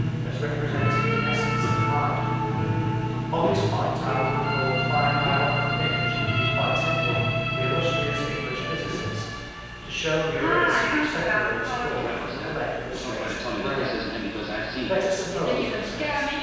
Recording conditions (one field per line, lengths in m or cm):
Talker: one person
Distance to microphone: 7.1 m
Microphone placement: far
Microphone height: 1.7 m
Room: very reverberant, large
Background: television